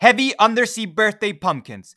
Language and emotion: English, surprised